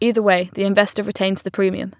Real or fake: real